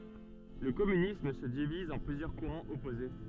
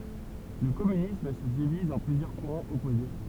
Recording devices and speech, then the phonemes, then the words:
soft in-ear microphone, temple vibration pickup, read sentence
lə kɔmynism sə diviz ɑ̃ plyzjœʁ kuʁɑ̃z ɔpoze
Le communisme se divise en plusieurs courants opposés.

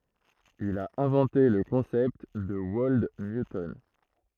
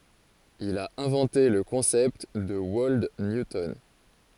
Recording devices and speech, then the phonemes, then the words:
throat microphone, forehead accelerometer, read sentence
il a ɛ̃vɑ̃te lə kɔ̃sɛpt də wɔld njutɔn
Il a inventé le concept de Wold Newton.

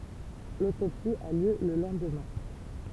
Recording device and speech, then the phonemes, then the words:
temple vibration pickup, read sentence
lotopsi a ljø lə lɑ̃dmɛ̃
L'autopsie a lieu le lendemain.

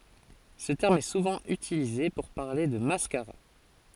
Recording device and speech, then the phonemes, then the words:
forehead accelerometer, read sentence
sə tɛʁm ɛ suvɑ̃ ytilize puʁ paʁle də maskaʁa
Ce terme est souvent utilisé pour parler de mascara.

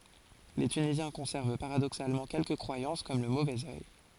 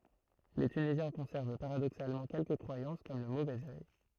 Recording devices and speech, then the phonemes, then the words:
forehead accelerometer, throat microphone, read sentence
le tynizjɛ̃ kɔ̃sɛʁv paʁadoksalmɑ̃ kɛlkə kʁwajɑ̃s kɔm lə movɛz œj
Les Tunisiens conservent paradoxalement quelques croyances comme le mauvais œil.

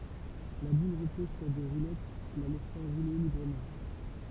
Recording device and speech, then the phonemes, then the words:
temple vibration pickup, read sentence
la bul ʁəpɔz syʁ de ʁulɛt la lɛsɑ̃ ʁule libʁəmɑ̃
La boule repose sur des roulettes la laissant rouler librement.

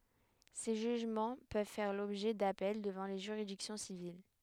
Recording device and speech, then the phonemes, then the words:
headset microphone, read sentence
se ʒyʒmɑ̃ pøv fɛʁ lɔbʒɛ dapɛl dəvɑ̃ le ʒyʁidiksjɔ̃ sivil
Ces jugements peuvent faire l'objet d'appels devant les juridictions civiles.

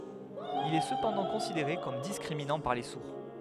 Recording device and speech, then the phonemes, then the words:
headset microphone, read sentence
il ɛ səpɑ̃dɑ̃ kɔ̃sideʁe kɔm diskʁiminɑ̃ paʁ le suʁ
Il est cependant considéré comme discriminant par les sourds.

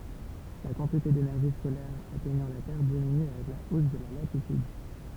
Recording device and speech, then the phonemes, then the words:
temple vibration pickup, read sentence
la kɑ̃tite denɛʁʒi solɛʁ atɛɲɑ̃ la tɛʁ diminy avɛk la os də la latityd
La quantité d'énergie solaire atteignant la Terre diminue avec la hausse de la latitude.

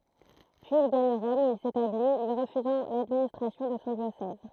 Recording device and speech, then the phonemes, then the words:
throat microphone, read sentence
pyiz il ɡaɲ ʁɔm u il setabli lyi ʁəfyzɑ̃ ladministʁasjɔ̃ də sɔ̃ djosɛz
Puis il gagne Rome où il s’établit, lui refusant l'administration de son diocèse.

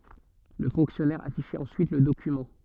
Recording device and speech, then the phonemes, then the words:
soft in-ear microphone, read sentence
lə fɔ̃ksjɔnɛʁ afiʃɛt ɑ̃syit lə dokymɑ̃
Le fonctionnaire affichait ensuite le document.

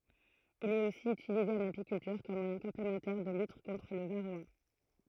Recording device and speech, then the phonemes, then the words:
throat microphone, read sentence
il ɛt osi ytilize ɑ̃n apikyltyʁ kɔm mwajɛ̃ kɔ̃plemɑ̃tɛʁ də lyt kɔ̃tʁ lə vaʁoa
Il est aussi utilisé en apiculture comme moyen complémentaire de lutte contre le varroa.

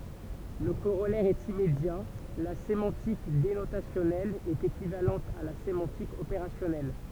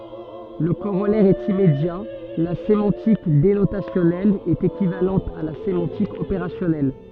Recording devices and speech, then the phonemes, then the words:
temple vibration pickup, soft in-ear microphone, read sentence
lə koʁɔlɛʁ ɛt immedja la semɑ̃tik denotasjɔnɛl ɛt ekivalɑ̃t a la semɑ̃tik opeʁasjɔnɛl
Le corollaire est immédiat : la sémantique dénotationnelle est équivalente à la sémantique opérationnelle.

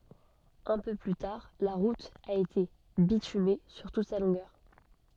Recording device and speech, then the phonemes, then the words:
soft in-ear microphone, read sentence
œ̃ pø ply taʁ la ʁut a ete bityme syʁ tut sa lɔ̃ɡœʁ
Un peu plus tard, la route a été bitumée sur toute sa longueur.

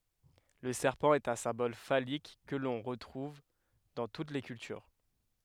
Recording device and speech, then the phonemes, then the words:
headset microphone, read sentence
lə sɛʁpɑ̃ ɛt œ̃ sɛ̃bɔl falik kə lɔ̃ ʁətʁuv dɑ̃ tut le kyltyʁ
Le serpent est un symbole phallique que l'on retrouve dans toutes les cultures.

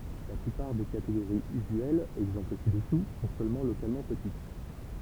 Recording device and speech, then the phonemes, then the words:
temple vibration pickup, read sentence
la plypaʁ de kateɡoʁiz yzyɛlz ɛɡzɑ̃pl si dəsu sɔ̃ sølmɑ̃ lokalmɑ̃ pətit
La plupart des catégories usuelles — exemples ci-dessous — sont seulement localement petites.

